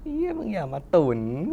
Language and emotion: Thai, happy